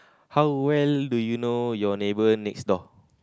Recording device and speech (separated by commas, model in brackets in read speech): close-talking microphone, conversation in the same room